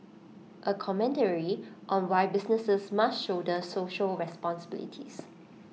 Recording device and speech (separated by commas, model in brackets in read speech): mobile phone (iPhone 6), read sentence